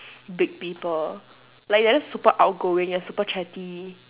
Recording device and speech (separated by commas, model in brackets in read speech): telephone, conversation in separate rooms